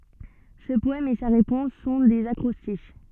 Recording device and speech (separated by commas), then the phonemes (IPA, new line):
soft in-ear microphone, read sentence
sə pɔɛm e sa ʁepɔ̃s sɔ̃ dez akʁɔstiʃ